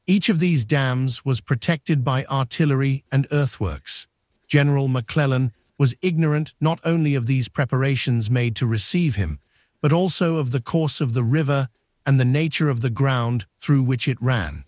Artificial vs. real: artificial